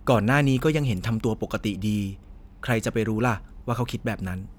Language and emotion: Thai, neutral